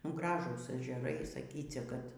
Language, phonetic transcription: Lithuanian, ˈgražūs ežeˈrai saˈkycia kad

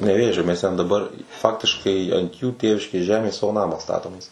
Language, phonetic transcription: Lithuanian, neˈvėžio mes ten daˈbar ˈfaktiškai ant jų ˈtėviškės ˈžemės ˈsavo ˈnamą ˈstatomės

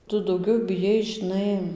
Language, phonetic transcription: Lithuanian, ˈtu dauˈgiau biˈjais žiˈnai

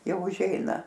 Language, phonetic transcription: Lithuanian, ˈjau užˈeina

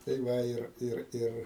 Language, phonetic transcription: Lithuanian, tai ˈva ˈir ˈir ˈir

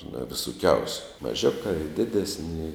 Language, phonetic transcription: Lithuanian, nu visuˈkiausiu maˈžiukā i ˈdidesni i

